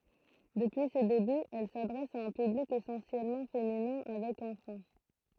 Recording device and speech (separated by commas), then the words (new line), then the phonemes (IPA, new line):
throat microphone, read sentence
Depuis ses débuts, elle s’adresse à un public essentiellement féminin avec enfants.
dəpyi se debyz ɛl sadʁɛs a œ̃ pyblik esɑ̃sjɛlmɑ̃ feminɛ̃ avɛk ɑ̃fɑ̃